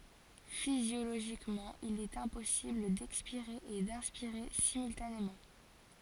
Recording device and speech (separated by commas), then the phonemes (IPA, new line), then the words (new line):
forehead accelerometer, read sentence
fizjoloʒikmɑ̃ il ɛt ɛ̃pɔsibl dɛkspiʁe e dɛ̃spiʁe simyltanemɑ̃
Physiologiquement, il est impossible d'expirer et d'inspirer simultanément.